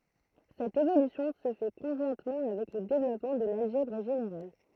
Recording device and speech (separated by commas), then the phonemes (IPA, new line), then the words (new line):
throat microphone, read sentence
sɛt evolysjɔ̃ sə fɛ kɔ̃ʒwɛ̃tmɑ̃ avɛk lə devlɔpmɑ̃ də lalʒɛbʁ ʒeneʁal
Cette évolution se fait conjointement avec le développement de l'algèbre générale.